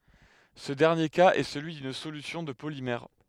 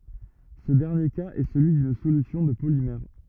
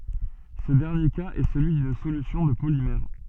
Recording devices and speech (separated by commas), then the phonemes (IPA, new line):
headset microphone, rigid in-ear microphone, soft in-ear microphone, read sentence
sə dɛʁnje kaz ɛ səlyi dyn solysjɔ̃ də polimɛʁ